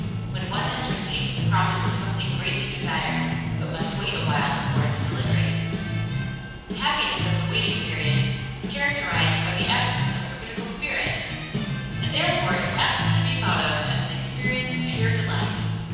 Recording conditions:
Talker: one person; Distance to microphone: 7.1 m; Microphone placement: far; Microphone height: 1.7 m; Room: very reverberant, large; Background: music

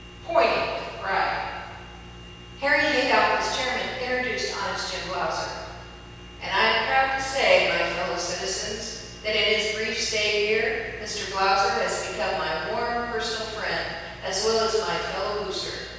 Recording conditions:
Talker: one person; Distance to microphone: 7.1 m; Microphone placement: far; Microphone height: 1.7 m; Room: very reverberant, large; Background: none

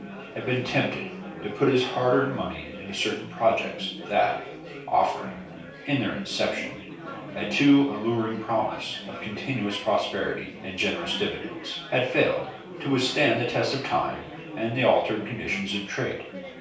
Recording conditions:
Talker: one person; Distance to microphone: 3.0 m; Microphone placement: far; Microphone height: 1.8 m; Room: small (3.7 m by 2.7 m); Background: babble

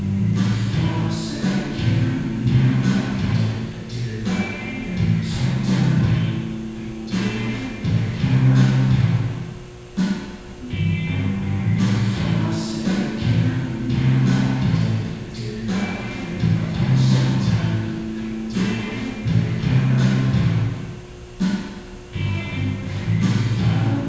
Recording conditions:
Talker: no one; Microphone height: 76 cm; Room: very reverberant, large; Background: music

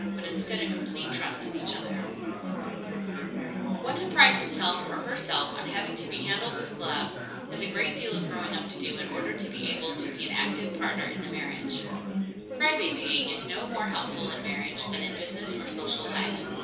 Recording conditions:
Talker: one person; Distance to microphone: 3.0 m; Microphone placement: far; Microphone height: 1.8 m; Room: small (3.7 m by 2.7 m); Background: babble

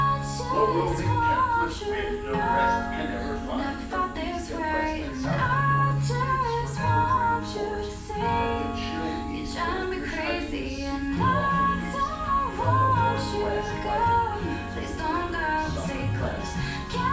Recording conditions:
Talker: one person; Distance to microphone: 9.8 m; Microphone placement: far; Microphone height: 1.8 m; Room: large; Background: music

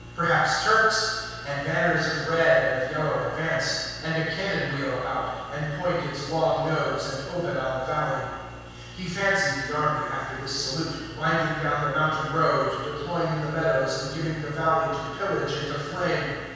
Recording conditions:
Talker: one person; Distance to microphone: 7.1 m; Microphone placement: far; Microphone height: 1.7 m; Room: very reverberant, large; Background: none

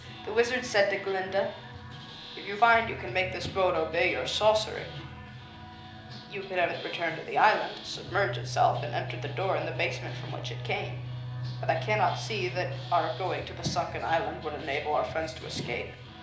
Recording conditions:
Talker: one person; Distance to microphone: 2.0 m; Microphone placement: close; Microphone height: 99 cm; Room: medium-sized (5.7 m by 4.0 m); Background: music

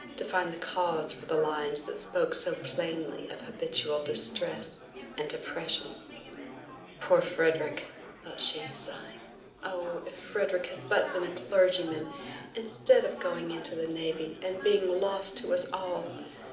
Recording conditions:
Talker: one person; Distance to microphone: 2.0 m; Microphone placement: close; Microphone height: 99 cm; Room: medium-sized (5.7 m by 4.0 m); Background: babble

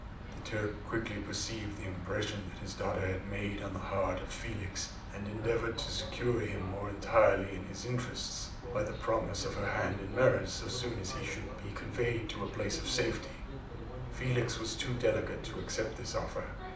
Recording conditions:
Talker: one person; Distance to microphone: 2.0 m; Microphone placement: close; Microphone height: 99 cm; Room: medium-sized (5.7 m by 4.0 m); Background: television

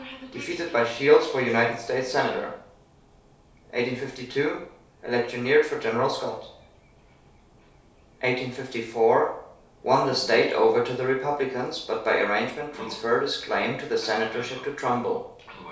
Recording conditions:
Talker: one person; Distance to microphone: 3.0 m; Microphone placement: far; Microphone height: 1.8 m; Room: small (3.7 m by 2.7 m); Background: television

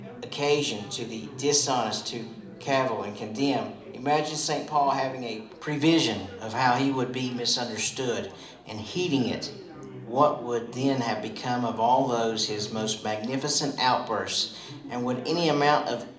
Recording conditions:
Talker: one person; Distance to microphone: 2.0 m; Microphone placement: close; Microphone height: 99 cm; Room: medium-sized (5.7 m by 4.0 m); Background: babble

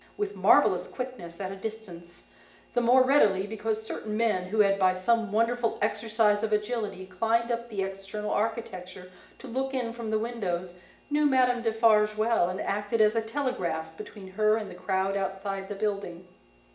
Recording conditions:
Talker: one person; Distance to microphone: 1.8 m; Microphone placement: close; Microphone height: 1.0 m; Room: large; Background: none

